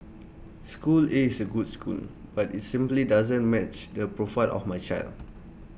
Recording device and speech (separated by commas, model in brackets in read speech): boundary microphone (BM630), read sentence